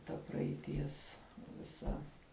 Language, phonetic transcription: Lithuanian, ta praeiˈties viˈsa

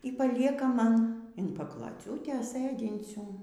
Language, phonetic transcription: Lithuanian, y paˈlieka ˈman in pakloˈciūtės ˈsɘdincių

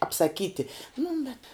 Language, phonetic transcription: Lithuanian, apsaˈkyti nu bet

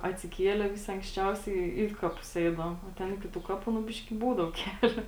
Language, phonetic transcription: Lithuanian, atsiˈkiele ˈvisi anksˈčiausiai ˈį kaˌpus ˈeidavom o ˈten ˈiki tų ˈkaˌpų nu ˈbiški ˈbūdavo ˈkelio

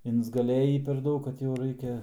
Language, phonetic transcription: Lithuanian, insgaˈlėjį per ˈdaug kad jau ˈraikia

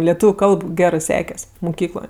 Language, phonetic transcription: Lithuanian, leˈtūviu ˈkalb ˈgerɜ ˈsekes' muˈkykloj

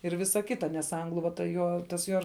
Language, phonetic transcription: Lithuanian, ir ˈvisa ˈkita nes ˈanglu va ta ˈjo tas ˈjuo

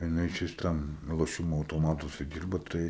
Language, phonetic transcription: Lithuanian, jiˈnai čia vis ˈtam loˈšimo autoˈmatuose ˈdyrba tai

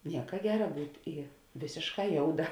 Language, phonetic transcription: Lithuanian, ˈnieka ˈgera ˈbūt' i ˈvėsėšˌkā ˈjouˌda

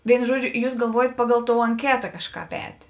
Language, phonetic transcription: Lithuanian, ˈvėinu ˈžuoˌdžiu ˈjūs galˈvuojat ˈpaˌgal ˈtou anˈketa ˈkažˌkāp ˈētė

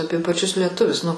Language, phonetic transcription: Lithuanian, ˈapie paˈčius lieˈtuvius nu

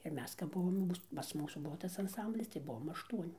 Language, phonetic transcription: Lithuanian, ir ˈmes kap ˈbuvom jau ˈmūs pas ˈmūsų ˈbuvo ˈtas anˈsamblis tai ˈbuvom ašˈtuoni

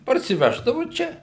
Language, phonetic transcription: Lithuanian, parsiˈveždavu ˈčia

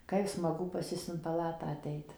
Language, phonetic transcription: Lithuanian, ˈkaip smaˈgu pas ˈjus in paˈlatą aˈteit

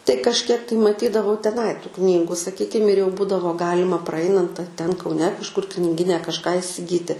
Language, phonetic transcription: Lithuanian, tai kažˈkiek tai maˈtydavau teˈnai tų ˈknygu saˈkykim ir jau ˈbūdavo ˈgalima praˈainant ar ten kauˈne kažˈkur kniˈgyne kažˈką isiˈgyti

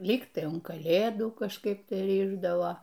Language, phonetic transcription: Lithuanian, ˈlyg tai un kaˈlėdų kažˈkaip ˈtai ˈrišdavo

